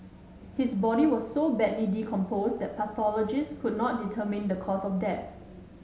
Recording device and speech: mobile phone (Samsung S8), read sentence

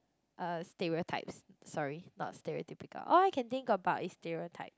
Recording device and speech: close-talking microphone, conversation in the same room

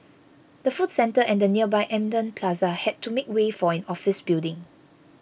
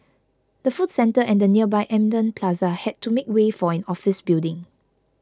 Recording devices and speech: boundary microphone (BM630), close-talking microphone (WH20), read sentence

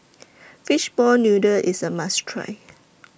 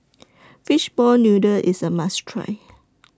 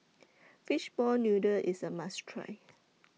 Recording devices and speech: boundary microphone (BM630), standing microphone (AKG C214), mobile phone (iPhone 6), read sentence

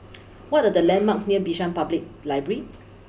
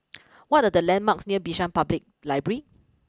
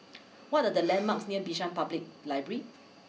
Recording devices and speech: boundary microphone (BM630), close-talking microphone (WH20), mobile phone (iPhone 6), read sentence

